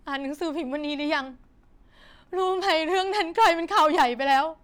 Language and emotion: Thai, sad